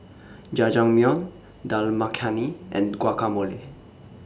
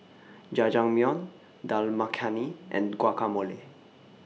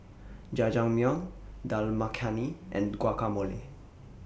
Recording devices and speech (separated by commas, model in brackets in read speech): standing microphone (AKG C214), mobile phone (iPhone 6), boundary microphone (BM630), read sentence